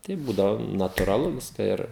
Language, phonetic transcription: Lithuanian, tai ˈbūdavo naturaˈlu ˈviska ˈir

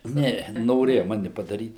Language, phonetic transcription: Lithuanian, ˈne noˈrėja ˈmani padaˈryt

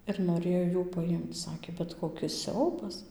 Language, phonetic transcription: Lithuanian, ir noˈrėjo ˈjų paˈjimc ˈsakė bet ˌkokis ˈsiaubas

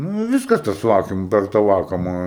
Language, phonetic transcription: Lithuanian, ˈnū i ˈvyskas tas ˈvakum ˈper ta ˈvakuma

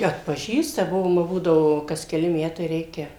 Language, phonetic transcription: Lithuanian, atpaˈžįsta ˈbuvom va ˈbūdavo kas keˈli ˈmetai ˈreikia

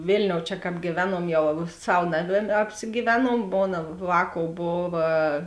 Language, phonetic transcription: Lithuanian, ˈvėlniou čia ˈkāp gyˈvenuom ˈjau ˈsav ˈnaˌmė apsigyˈvenuom ˈmona ˈvāˌkou ˈbova

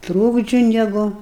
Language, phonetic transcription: Lithuanian, ˈtrūkdžiu ˈnegu

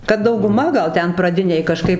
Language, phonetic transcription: Lithuanian, kad dauguˈma ˈgal ˈten praˈdinėj kaˈžkaip

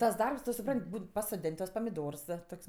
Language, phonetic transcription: Lithuanian, ˈtas ˈdarbs ˈtu suˈprant' ˈbūn pasoˈdėn' tuos pamiˈdors ˈtok's'

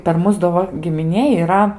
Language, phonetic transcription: Lithuanian, per ˈmus do ˈva gimiˈnėj yˈra

